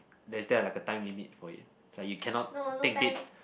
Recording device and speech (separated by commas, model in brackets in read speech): boundary microphone, conversation in the same room